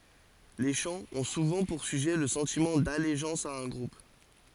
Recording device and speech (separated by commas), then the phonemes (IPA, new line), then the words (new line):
forehead accelerometer, read sentence
le ʃɑ̃z ɔ̃ suvɑ̃ puʁ syʒɛ lə sɑ̃timɑ̃ daleʒɑ̃s a œ̃ ɡʁup
Les chants ont souvent pour sujet le sentiment d'allégeance à un groupe.